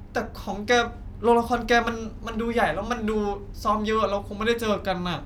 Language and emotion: Thai, frustrated